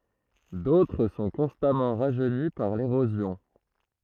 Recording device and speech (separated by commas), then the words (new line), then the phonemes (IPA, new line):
throat microphone, read sentence
D'autres sont constamment rajeunis par l'érosion.
dotʁ sɔ̃ kɔ̃stamɑ̃ ʁaʒøni paʁ leʁozjɔ̃